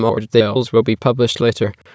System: TTS, waveform concatenation